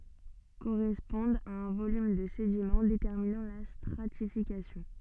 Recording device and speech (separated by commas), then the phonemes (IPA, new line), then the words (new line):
soft in-ear microphone, read sentence
koʁɛspɔ̃dt a œ̃ volym də sedimɑ̃ detɛʁminɑ̃ la stʁatifikasjɔ̃
Correspondent à un volume de sédiment déterminant la stratification.